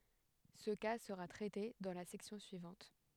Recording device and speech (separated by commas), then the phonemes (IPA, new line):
headset microphone, read sentence
sə ka səʁa tʁɛte dɑ̃ la sɛksjɔ̃ syivɑ̃t